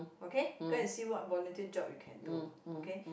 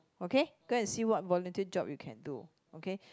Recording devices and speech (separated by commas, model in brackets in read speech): boundary microphone, close-talking microphone, conversation in the same room